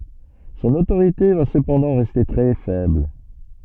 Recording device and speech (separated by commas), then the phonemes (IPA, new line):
soft in-ear microphone, read sentence
sɔ̃n otoʁite va səpɑ̃dɑ̃ ʁɛste tʁɛ fɛbl